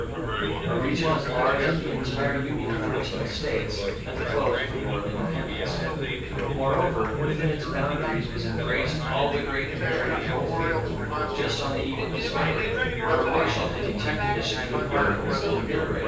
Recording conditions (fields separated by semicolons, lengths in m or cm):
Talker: one person; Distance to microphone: 9.8 m; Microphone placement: far; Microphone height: 1.8 m; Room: large; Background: babble